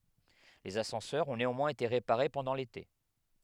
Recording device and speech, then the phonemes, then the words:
headset microphone, read sentence
lez asɑ̃sœʁz ɔ̃ neɑ̃mwɛ̃z ete ʁepaʁe pɑ̃dɑ̃ lete
Les ascenseurs ont néanmoins été réparés pendant l'été.

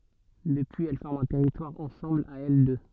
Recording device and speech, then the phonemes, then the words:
soft in-ear microphone, read sentence
dəpyiz ɛl fɔʁmt œ̃ tɛʁitwaʁ ɑ̃sɑ̃bl a ɛl dø
Depuis, elles forment un territoire ensemble à elles deux.

